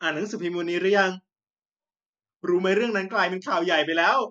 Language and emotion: Thai, happy